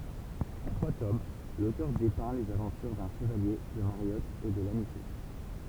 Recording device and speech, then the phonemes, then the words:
temple vibration pickup, read sentence
ɑ̃ tʁwa tom lotœʁ depɛ̃ lez avɑ̃tyʁ dœ̃ ʃəvalje də maʁjɔt e də lanisɛ
En trois tomes, l'auteur dépeint les aventures d'un Chevalier, de Mariotte et de l'Anicet.

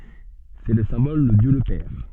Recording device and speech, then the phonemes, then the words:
soft in-ear microphone, read sentence
sɛ lə sɛ̃bɔl də djø lə pɛʁ
C’est le symbole de Dieu le Père.

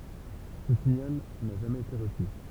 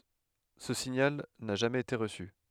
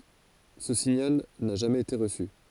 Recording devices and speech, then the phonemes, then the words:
temple vibration pickup, headset microphone, forehead accelerometer, read sentence
sə siɲal na ʒamɛz ete ʁəsy
Ce signal n'a jamais été reçu.

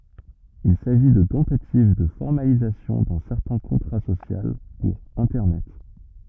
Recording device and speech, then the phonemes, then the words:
rigid in-ear microphone, read sentence
il saʒi də tɑ̃tativ də fɔʁmalizasjɔ̃ dœ̃ sɛʁtɛ̃ kɔ̃tʁa sosjal puʁ ɛ̃tɛʁnɛt
Il s'agit de tentatives de formalisation d'un certain contrat social pour Internet.

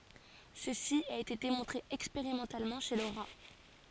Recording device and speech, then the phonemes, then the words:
forehead accelerometer, read sentence
səsi a ete demɔ̃tʁe ɛkspeʁimɑ̃talmɑ̃ ʃe lə ʁa
Ceci a été démontré expérimentalement chez le rat.

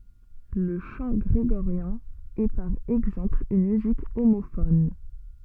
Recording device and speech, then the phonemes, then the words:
soft in-ear microphone, read sentence
lə ʃɑ̃ ɡʁeɡoʁjɛ̃ ɛ paʁ ɛɡzɑ̃pl yn myzik omofɔn
Le chant grégorien est par exemple une musique homophone.

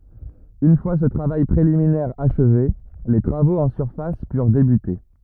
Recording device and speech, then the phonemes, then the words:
rigid in-ear microphone, read sentence
yn fwa sə tʁavaj pʁeliminɛʁ aʃve le tʁavoz ɑ̃ syʁfas pyʁ debyte
Une fois ce travail préliminaire achevé, les travaux en surface purent débuter.

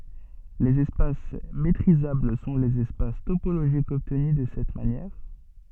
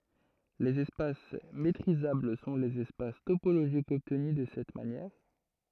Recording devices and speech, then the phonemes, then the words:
soft in-ear microphone, throat microphone, read sentence
lez ɛspas metʁizabl sɔ̃ lez ɛspas topoloʒikz ɔbtny də sɛt manjɛʁ
Les espaces métrisables sont les espaces topologiques obtenus de cette manière.

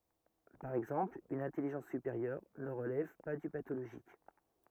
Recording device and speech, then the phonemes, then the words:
rigid in-ear microphone, read sentence
paʁ ɛɡzɑ̃pl yn ɛ̃tɛliʒɑ̃s sypeʁjœʁ nə ʁəlɛv pa dy patoloʒik
Par exemple une intelligence supérieure ne relève pas du pathologique.

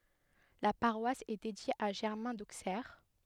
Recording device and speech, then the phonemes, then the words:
headset microphone, read sentence
la paʁwas ɛ dedje a ʒɛʁmɛ̃ doksɛʁ
La paroisse est dédiée à Germain d'Auxerre.

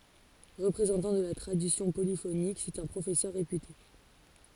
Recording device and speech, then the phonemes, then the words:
forehead accelerometer, read sentence
ʁəpʁezɑ̃tɑ̃ də la tʁadisjɔ̃ polifonik sɛt œ̃ pʁofɛsœʁ ʁepyte
Représentant de la tradition polyphonique, c'est un professeur réputé.

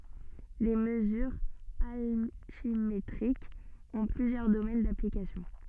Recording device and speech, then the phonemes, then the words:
soft in-ear microphone, read sentence
le məzyʁz altimetʁikz ɔ̃ plyzjœʁ domɛn daplikasjɔ̃
Les mesures altimétriques ont plusieurs domaines d'application.

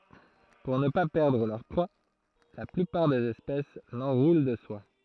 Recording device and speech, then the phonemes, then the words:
throat microphone, read sentence
puʁ nə pa pɛʁdʁ lœʁ pʁwa la plypaʁ dez ɛspɛs lɑ̃ʁulɑ̃ də swa
Pour ne pas perdre leur proies, la plupart des espèces l'enroulent de soie.

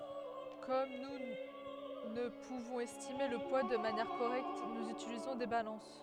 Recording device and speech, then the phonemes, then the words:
headset microphone, read sentence
kɔm nu nə puvɔ̃z ɛstime lə pwa də manjɛʁ koʁɛkt nuz ytilizɔ̃ de balɑ̃s
Comme nous ne pouvons estimer le poids de manière correcte nous utilisons des balances.

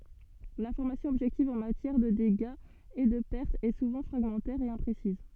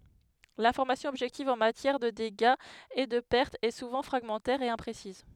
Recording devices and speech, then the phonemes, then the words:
soft in-ear microphone, headset microphone, read sentence
lɛ̃fɔʁmasjɔ̃ ɔbʒɛktiv ɑ̃ matjɛʁ də deɡaz e də pɛʁtz ɛ suvɑ̃ fʁaɡmɑ̃tɛʁ e ɛ̃pʁesiz
L’information objective en matière de dégâts et de pertes est souvent fragmentaire et imprécises.

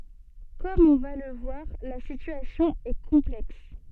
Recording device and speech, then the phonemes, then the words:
soft in-ear microphone, read sentence
kɔm ɔ̃ va lə vwaʁ la sityasjɔ̃ ɛ kɔ̃plɛks
Comme on va le voir, la situation est complexe.

